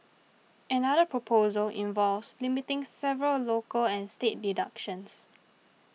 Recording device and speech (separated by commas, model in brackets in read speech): mobile phone (iPhone 6), read sentence